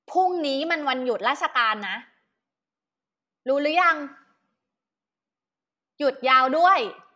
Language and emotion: Thai, angry